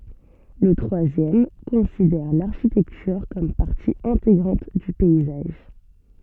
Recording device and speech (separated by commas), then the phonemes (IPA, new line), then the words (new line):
soft in-ear microphone, read sentence
lə tʁwazjɛm kɔ̃sidɛʁ laʁʃitɛktyʁ kɔm paʁti ɛ̃teɡʁɑ̃t dy pɛizaʒ
Le troisième considère l’architecture comme partie intégrante du paysage.